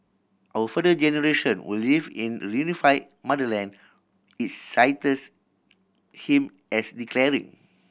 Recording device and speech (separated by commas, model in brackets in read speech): boundary microphone (BM630), read sentence